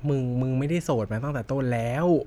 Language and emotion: Thai, neutral